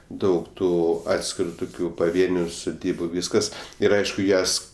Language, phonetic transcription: Lithuanian, ˈdaug ˈtų ˈatskiru ˈtukiu paˈvieniu suˈdybu ˈvyskas ˈir ˈaišku ˈjas

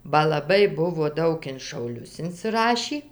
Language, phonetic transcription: Lithuanian, ba laˈbai ˈbuvo ˈdaug in šauˈlius insiˈrašį

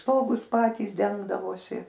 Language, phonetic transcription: Lithuanian, ˈstogus ˈpatys ˈdengdavosi

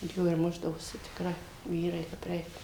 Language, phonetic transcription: Lithuanian, jo ir ˈmušdavosi tikˈrai ˈvyrai kap ˈreik

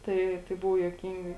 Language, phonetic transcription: Lithuanian, ˈtai tai ˈbuvo juoˈkyngai

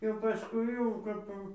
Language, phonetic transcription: Lithuanian, jau paˈskui jau kap jau

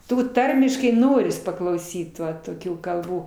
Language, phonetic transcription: Lithuanian, ˈtų ˈtarmiškai ˈnoris paklauˈsyt ˈva toˈkių kalˈbų

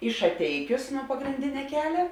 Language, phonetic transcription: Lithuanian, į šaˈteikius nuo pagrinˈdine ˈkelia

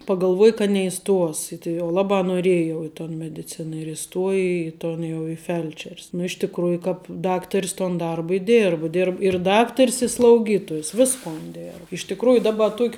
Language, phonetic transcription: Lithuanian, pagalˈvuoja ka neiˈstuos i tai jau ˈlabā noˈrieja jau i ton mediˈcina ir iˈstuoja į ˈton jau i ˈfelčer's nu iš tikˈrųju ˈkāp ˈdaktar's ton ˈdarba i ˈdėrbu dir i ˈdaktar's i slauˈgytojus ˈviskon dėr iš tikˈrųju ˈdaba ˈtuok'

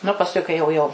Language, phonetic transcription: Lithuanian, nu pasˈkui kai jau ˈjau

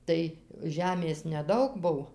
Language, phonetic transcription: Lithuanian, ˈtai ˈžemės neˈdaug ˈbuv

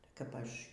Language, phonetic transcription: Lithuanian, kap ˈaš

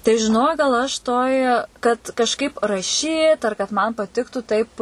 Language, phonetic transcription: Lithuanian, tai žiˈnok gal aš ˈtoj kad kažˈkaip raˈšyt ar kad man paˈtiktu taip

